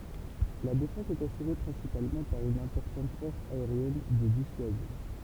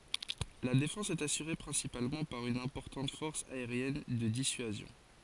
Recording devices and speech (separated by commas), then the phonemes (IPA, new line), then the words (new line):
temple vibration pickup, forehead accelerometer, read sentence
la defɑ̃s ɛt asyʁe pʁɛ̃sipalmɑ̃ paʁ yn ɛ̃pɔʁtɑ̃t fɔʁs aeʁjɛn də disyazjɔ̃
La défense est assurée principalement par une importante force aérienne de dissuasion.